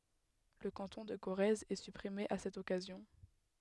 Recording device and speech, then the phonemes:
headset microphone, read sentence
lə kɑ̃tɔ̃ də koʁɛz ɛ sypʁime a sɛt ɔkazjɔ̃

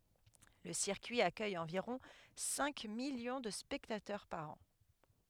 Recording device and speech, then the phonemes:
headset microphone, read sentence
lə siʁkyi akœj ɑ̃viʁɔ̃ sɛ̃ miljɔ̃ də spɛktatœʁ paʁ ɑ̃

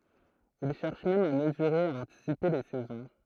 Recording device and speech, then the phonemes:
throat microphone, read sentence
il ʃɛʁʃ mɛm a məzyʁe e a ɑ̃tisipe le sɛzɔ̃

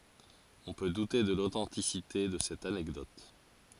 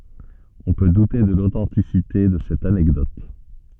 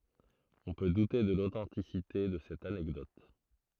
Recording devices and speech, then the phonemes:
forehead accelerometer, soft in-ear microphone, throat microphone, read sentence
ɔ̃ pø dute də lotɑ̃tisite də sɛt anɛkdɔt

